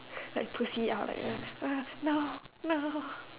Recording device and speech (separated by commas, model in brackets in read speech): telephone, conversation in separate rooms